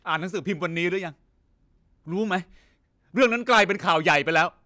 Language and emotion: Thai, angry